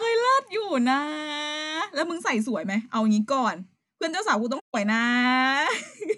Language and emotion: Thai, happy